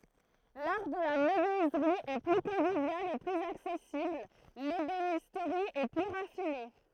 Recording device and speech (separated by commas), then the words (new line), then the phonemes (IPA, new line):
throat microphone, read sentence
L'art de la menuiserie est plus convivial et plus accessible, l'ébénisterie est plus raffinée.
laʁ də la mənyizʁi ɛ ply kɔ̃vivjal e plyz aksɛsibl lebenistʁi ɛ ply ʁafine